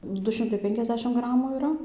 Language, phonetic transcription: Lithuanian, ˈdu ˈšimtai ˈpenkiasˌdešim ˈgramų yˈra

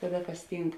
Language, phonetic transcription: Lithuanian, ˈkaˌda ˈkas ˈtynk

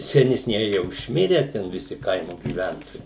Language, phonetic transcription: Lithuanian, senesˈnieji ˈjau išˈmirę ˈten viˈsi ˈkaimo gyˈventojai

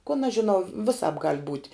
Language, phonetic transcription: Lithuanian, kon aš žiˈnau viˈsāp gal' būt'

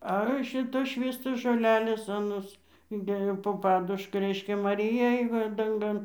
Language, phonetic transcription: Lithuanian, ˈa ˈšitos ˈšvįstos žoˈlelės aˈnos inˈdėjo po ˈpaduška ˈreiškia maˈrija ˈėj va danˈgan

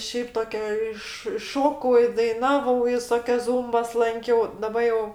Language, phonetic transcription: Lithuanian, ˈšiaip ˈtokia ˈiš i ˈšokau i daiˈnavau viˈsokias ˈzūmbas ˈlankiau daˈba jau

